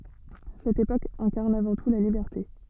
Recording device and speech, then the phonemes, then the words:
soft in-ear microphone, read sentence
sɛt epok ɛ̃kaʁn avɑ̃ tu la libɛʁte
Cette époque incarne avant tout la liberté.

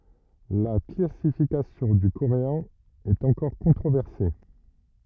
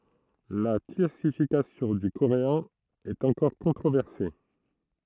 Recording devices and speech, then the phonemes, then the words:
rigid in-ear microphone, throat microphone, read sentence
la klasifikasjɔ̃ dy koʁeɛ̃ ɛt ɑ̃kɔʁ kɔ̃tʁovɛʁse
La classification du coréen est encore controversée.

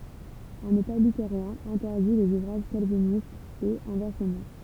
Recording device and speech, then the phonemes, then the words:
temple vibration pickup, read sentence
œ̃n eta lyteʁjɛ̃ ɛ̃tɛʁdi lez uvʁaʒ kalvinistz e ɛ̃vɛʁsəmɑ̃
Un état luthérien interdit les ouvrages calvinistes et inversement.

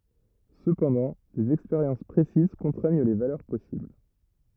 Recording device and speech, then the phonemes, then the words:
rigid in-ear microphone, read sentence
səpɑ̃dɑ̃ dez ɛkspeʁjɑ̃s pʁesiz kɔ̃tʁɛɲ le valœʁ pɔsibl
Cependant, des expériences précises contraignent les valeurs possibles.

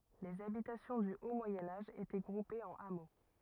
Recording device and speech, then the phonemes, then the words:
rigid in-ear microphone, read sentence
lez abitasjɔ̃ dy o mwajɛ̃ aʒ etɛ ɡʁupez ɑ̃n amo
Les habitations du haut Moyen Âge étaient groupées en hameaux.

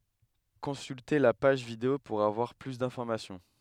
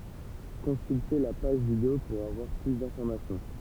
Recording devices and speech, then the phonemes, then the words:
headset microphone, temple vibration pickup, read sentence
kɔ̃sylte la paʒ video puʁ avwaʁ ply dɛ̃fɔʁmasjɔ̃
Consulter la page vidéo pour avoir plus d'informations.

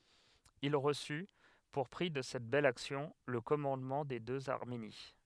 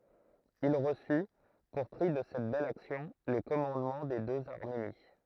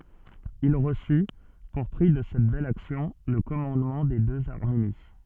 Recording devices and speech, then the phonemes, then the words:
headset microphone, throat microphone, soft in-ear microphone, read sentence
il ʁəsy puʁ pʁi də sɛt bɛl aksjɔ̃ lə kɔmɑ̃dmɑ̃ de døz aʁmeni
Il reçut, pour prix de cette belle action, le commandement des deux Arménie.

